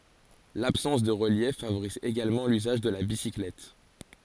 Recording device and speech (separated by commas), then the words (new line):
forehead accelerometer, read sentence
L'absence de relief favorise également l'usage de la bicyclette.